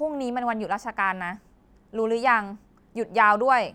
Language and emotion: Thai, frustrated